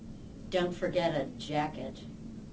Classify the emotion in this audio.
disgusted